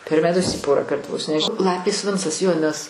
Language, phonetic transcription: Lithuanian, per meˈtus ˈį ˈporąˌkart vos než ˈlapės ˈvincas jo nes

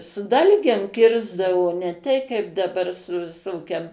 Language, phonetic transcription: Lithuanian, su ˈdalgėm ˈkirsdavo ne ˈtei kaip daˈbar su viˈsokiam

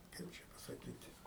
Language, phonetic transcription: Lithuanian, ˈkaip čia pasaˈkyti

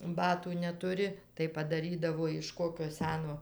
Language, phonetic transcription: Lithuanian, ˈbatų netuˈri tai padaˈrydavo iš ˈkokio ˈseno

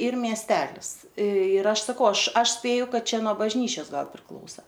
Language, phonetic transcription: Lithuanian, ˈyr miesˈtelis ir ˈaš saˈkau ˈaš ˈaš ˈspėju ˈkad ˈčia nuo bažˈnyčias ˈgal priˈklausa

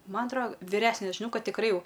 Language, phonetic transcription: Lithuanian, ˈman atˈro viˈresne žiˈnau ˈkad tikˈrai ˈjau

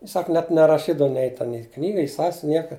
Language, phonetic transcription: Lithuanian, i ˈsak net neraˈšydav nei ten i ˈknyga i ˈsasvin ˈnieka

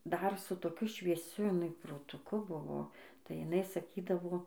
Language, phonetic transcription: Lithuanian, ˈdar su toˈkiu švieˈsiu jiˈnai protuˈku ˈbuvo tai jiˈnai saˈkydavo

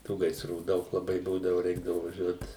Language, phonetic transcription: Lithuanian, ˈtų gaisˈrų ˈdaug laˈbai ˈbūdavu ˈreikdavu vaˈžiuot

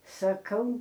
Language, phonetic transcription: Lithuanian, saˈkau

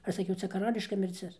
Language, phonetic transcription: Lithuanian, ˈaš saˈkiau ˈcia kaˈrališka mirˈcis

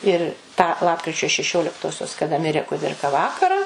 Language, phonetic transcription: Lithuanian, ir tą ˈlapkričio šeˈšioliktosios kaˈda ˈmirė kuˈdirka ˈvakarą

